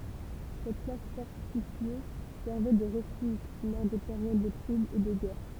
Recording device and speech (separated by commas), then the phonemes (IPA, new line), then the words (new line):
temple vibration pickup, read sentence
sɛt plas fɔʁtifje sɛʁvɛ də ʁəfyʒ lɔʁ de peʁjod də tʁublz e də ɡɛʁ
Cette place fortifiée servait de refuge lors des périodes de troubles et de guerre.